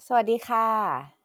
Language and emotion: Thai, neutral